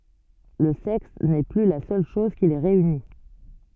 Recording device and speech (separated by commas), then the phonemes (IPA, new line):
soft in-ear microphone, read sentence
lə sɛks nɛ ply la sœl ʃɔz ki le ʁeyni